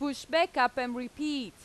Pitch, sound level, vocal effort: 265 Hz, 92 dB SPL, very loud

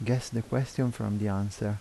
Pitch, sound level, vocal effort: 115 Hz, 77 dB SPL, soft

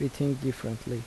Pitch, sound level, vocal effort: 130 Hz, 75 dB SPL, soft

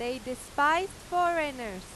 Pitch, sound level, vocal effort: 285 Hz, 98 dB SPL, very loud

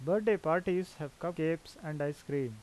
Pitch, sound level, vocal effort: 160 Hz, 86 dB SPL, normal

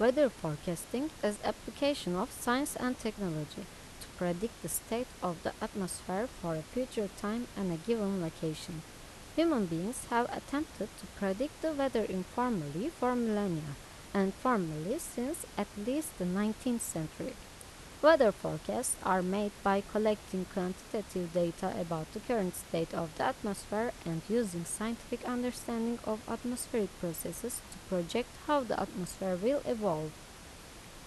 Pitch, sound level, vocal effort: 210 Hz, 81 dB SPL, normal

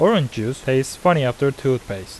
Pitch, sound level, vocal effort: 130 Hz, 84 dB SPL, normal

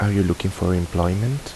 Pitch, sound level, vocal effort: 95 Hz, 77 dB SPL, soft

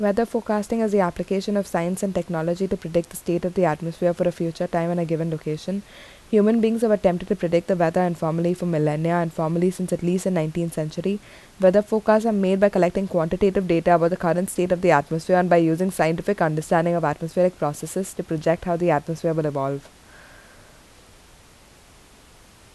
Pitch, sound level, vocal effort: 175 Hz, 79 dB SPL, normal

